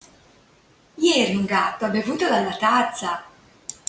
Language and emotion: Italian, happy